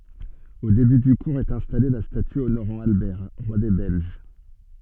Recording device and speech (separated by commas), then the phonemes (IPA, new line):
soft in-ear microphone, read sentence
o deby dy kuʁz ɛt ɛ̃stale la staty onoʁɑ̃ albɛʁ ʁwa de bɛlʒ